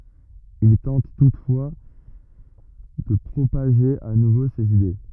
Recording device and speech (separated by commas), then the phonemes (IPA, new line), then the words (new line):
rigid in-ear microphone, read sentence
il tɑ̃t tutfwa də pʁopaʒe a nuvo sez ide
Il tente toutefois de propager à nouveau ses idées.